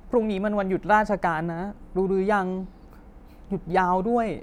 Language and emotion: Thai, sad